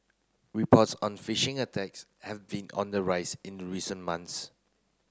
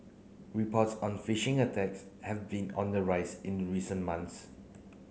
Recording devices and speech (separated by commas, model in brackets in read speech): close-talking microphone (WH30), mobile phone (Samsung C9), read sentence